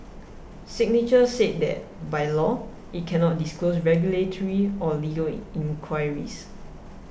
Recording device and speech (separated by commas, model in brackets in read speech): boundary microphone (BM630), read sentence